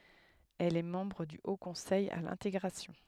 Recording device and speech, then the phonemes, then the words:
headset microphone, read sentence
ɛl ɛ mɑ̃bʁ dy o kɔ̃sɛj a lɛ̃teɡʁasjɔ̃
Elle est membre du Haut conseil à l'intégration.

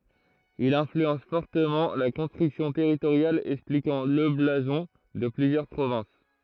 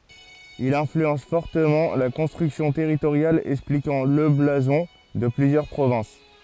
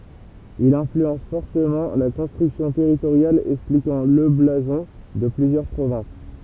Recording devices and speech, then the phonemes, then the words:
throat microphone, forehead accelerometer, temple vibration pickup, read sentence
il ɛ̃flyɑ̃s fɔʁtəmɑ̃ la kɔ̃stʁyksjɔ̃ tɛʁitoʁjal ɛksplikɑ̃ lə blazɔ̃ də plyzjœʁ pʁovɛ̃s
Il influence fortement la construction territoriale, expliquant le blason de plusieurs provinces.

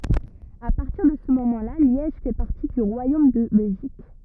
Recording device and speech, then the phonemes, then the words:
rigid in-ear microphone, read sentence
a paʁtiʁ də sə momɑ̃ la ljɛʒ fɛ paʁti dy ʁwajom də bɛlʒik
À partir de ce moment-là, Liège fait partie du royaume de Belgique.

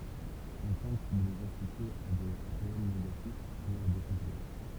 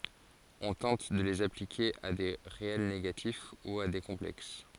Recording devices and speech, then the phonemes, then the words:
temple vibration pickup, forehead accelerometer, read sentence
ɔ̃ tɑ̃t də lez aplike a de ʁeɛl neɡatif u a de kɔ̃plɛks
On tente de les appliquer à des réels négatifs ou à des complexes.

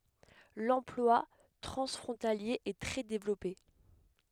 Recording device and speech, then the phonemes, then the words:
headset microphone, read sentence
lɑ̃plwa tʁɑ̃sfʁɔ̃talje ɛ tʁɛ devlɔpe
L'emploi transfrontalier est très développé.

